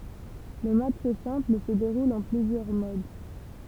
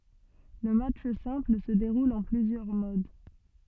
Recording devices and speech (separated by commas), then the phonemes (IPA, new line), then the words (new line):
temple vibration pickup, soft in-ear microphone, read sentence
lə matʃ sɛ̃pl sə deʁul ɑ̃ plyzjœʁ mod
Le match simple se déroule en plusieurs modes.